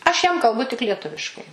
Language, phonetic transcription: Lithuanian, ˈaš jam kalˈbu tik lieˈtuviškai

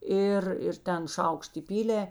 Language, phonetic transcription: Lithuanian, ˈir ir ˈten ˈšaukšt iˈpylė

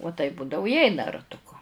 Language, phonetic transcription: Lithuanian, uo taip ˈbūdavu i ˈeina ratuˈku

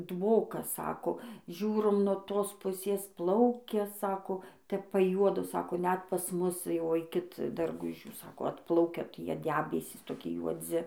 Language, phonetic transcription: Lithuanian, ˈdvokas ˈsako ˈžiūrom nuo ˈtos ˈpusės ˈplaukia ˈsako ˈtep paˈjuodo ˈsako ˈnet pas ˈmus jau ˈaikit darˈgužių ˈsako ˈatplaukia ˈtie ˈdebesys toˈki juoˈdzi

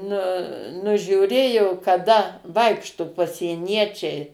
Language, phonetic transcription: Lithuanian, ˈnu nužiūˈrėjo kaˈda ˈvaikštu pasieˈniečiai

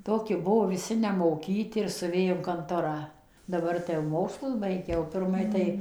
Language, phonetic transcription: Lithuanian, ˈtoki ˈbuvo viˈsi nemoˈkyti ir suˈvė in kanˈtorą daˈbar tai jau ˈmokslus ˈbaigia o pirˈmai tai

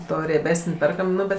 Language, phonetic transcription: Lithuanian, ˈto rieˈbesən' ˈperkam ˈnu bet

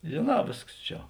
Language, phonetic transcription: Lithuanian, žėˈnā ˈvėsks ˈčia

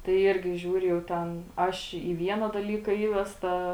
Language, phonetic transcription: Lithuanian, tai ˈirgi ˈžiūriu jau ˈten ˈaš į ˈviena daˈlyka ˈįvesta

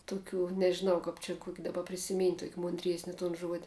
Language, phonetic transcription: Lithuanian, tuˈkių nežiˈnau ˈkap čia kuok' daˈba prisiˈmynt' tuok' munˈdriesni tun ˈžuodi

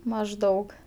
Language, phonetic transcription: Lithuanian, mažˈdaug

